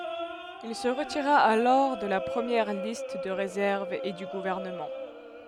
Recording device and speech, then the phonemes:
headset microphone, read sentence
il sə ʁətiʁa alɔʁ də la pʁəmjɛʁ list də ʁezɛʁv e dy ɡuvɛʁnəmɑ̃

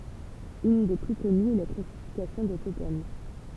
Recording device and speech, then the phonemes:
temple vibration pickup, read sentence
yn de ply kɔnyz ɛ la klasifikasjɔ̃ də kopɛn

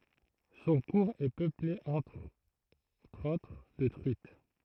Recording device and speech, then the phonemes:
throat microphone, read sentence
sɔ̃ kuʁz ɛ pøple ɑ̃tʁ otʁ də tʁyit

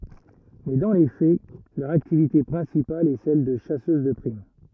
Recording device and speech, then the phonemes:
rigid in-ear microphone, read sentence
mɛ dɑ̃ le fɛ lœʁ aktivite pʁɛ̃sipal ɛ sɛl də ʃasøz də pʁim

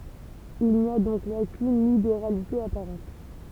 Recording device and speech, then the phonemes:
temple vibration pickup, read sentence
il ni a dɔ̃k la kyn libeʁalite apaʁɑ̃t

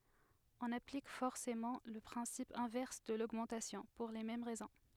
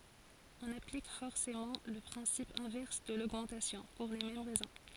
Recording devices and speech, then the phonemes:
headset microphone, forehead accelerometer, read sentence
ɔ̃n aplik fɔʁsemɑ̃ lə pʁɛ̃sip ɛ̃vɛʁs də loɡmɑ̃tasjɔ̃ puʁ le mɛm ʁɛzɔ̃

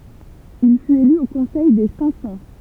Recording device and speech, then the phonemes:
temple vibration pickup, read sentence
il fyt ely o kɔ̃sɛj de sɛ̃k sɑ̃

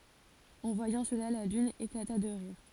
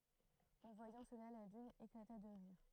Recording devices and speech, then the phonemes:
forehead accelerometer, throat microphone, read sentence
ɑ̃ vwajɑ̃ səla la lyn eklata də ʁiʁ

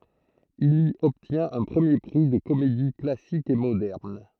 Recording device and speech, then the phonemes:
throat microphone, read sentence
il i ɔbtjɛ̃t œ̃ pʁəmje pʁi də komedi klasik e modɛʁn

